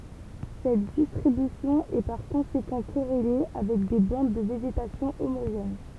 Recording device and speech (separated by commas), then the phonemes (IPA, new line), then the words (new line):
temple vibration pickup, read sentence
sɛt distʁibysjɔ̃ ɛ paʁ kɔ̃sekɑ̃ koʁele avɛk de bɑ̃d də veʒetasjɔ̃ omoʒɛn
Cette distribution est par conséquent corrélée avec des bandes de végétation homogènes.